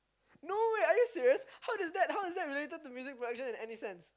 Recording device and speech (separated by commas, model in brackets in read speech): close-talking microphone, conversation in the same room